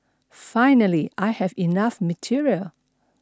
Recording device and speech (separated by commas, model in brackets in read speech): standing microphone (AKG C214), read sentence